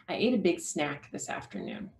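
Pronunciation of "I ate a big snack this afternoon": There are only three stressed beats in 'I ate a big snack this afternoon.' 'Snack' gets more stress than 'big', which doesn't get much attention.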